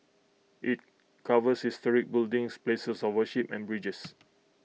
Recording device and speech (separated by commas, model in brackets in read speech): mobile phone (iPhone 6), read sentence